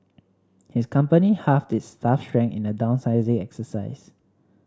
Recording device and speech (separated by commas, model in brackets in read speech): standing microphone (AKG C214), read sentence